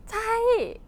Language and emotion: Thai, happy